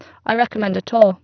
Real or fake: fake